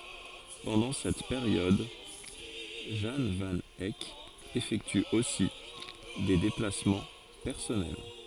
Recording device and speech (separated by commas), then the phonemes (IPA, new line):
forehead accelerometer, read sentence
pɑ̃dɑ̃ sɛt peʁjɔd ʒɑ̃ van ɛk efɛkty osi de deplasmɑ̃ pɛʁsɔnɛl